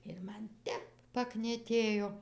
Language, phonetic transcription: Lithuanian, ir ˈman ˈtep paknieˈtėjo

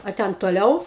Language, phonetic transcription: Lithuanian, a ˈten toˈliau

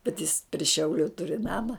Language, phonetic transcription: Lithuanian, bet jis pri ˈšiauliu ˈturi ˈnama

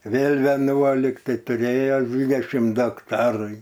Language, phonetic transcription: Lithuanian, ˈvėl' veˈnuolik ˈtai tuˈrėje ˈdvydešim ˈdu akˈtarai

